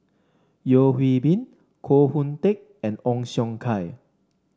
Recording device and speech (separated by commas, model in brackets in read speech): standing microphone (AKG C214), read sentence